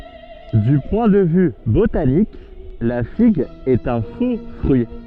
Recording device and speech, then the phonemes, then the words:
soft in-ear microphone, read sentence
dy pwɛ̃ də vy botanik la fiɡ ɛt œ̃ fo fʁyi
Du point de vue botanique, la figue est un faux-fruit.

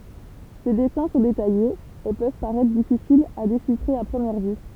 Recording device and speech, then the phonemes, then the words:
temple vibration pickup, read sentence
se dɛsɛ̃ sɔ̃ detajez e pøv paʁɛtʁ difisilz a deʃifʁe a pʁəmjɛʁ vy
Ses dessins sont détaillés, et peuvent paraitre difficiles à déchiffrer à première vue.

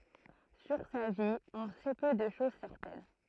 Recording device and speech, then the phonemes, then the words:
throat microphone, read sentence
syʁ sa vi ɔ̃ sɛ pø də ʃoz sɛʁtɛn
Sur sa vie, on sait peu de choses certaines.

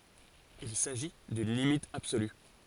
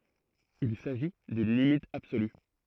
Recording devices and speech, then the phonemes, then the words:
forehead accelerometer, throat microphone, read sentence
il saʒi dyn limit absoly
Il s'agit d'une limite absolue.

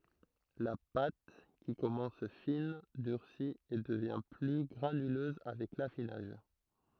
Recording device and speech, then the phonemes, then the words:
throat microphone, read sentence
la pat ki kɔmɑ̃s fin dyʁsi e dəvjɛ̃ ply ɡʁanyløz avɛk lafinaʒ
La pâte, qui commence fine, durcit et devient plus granuleuse avec l'affinage.

